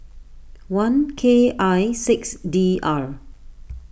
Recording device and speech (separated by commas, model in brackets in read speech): boundary microphone (BM630), read sentence